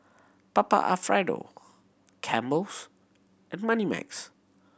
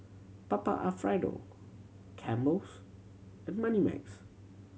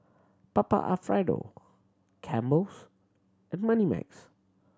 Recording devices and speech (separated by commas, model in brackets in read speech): boundary microphone (BM630), mobile phone (Samsung C7100), standing microphone (AKG C214), read sentence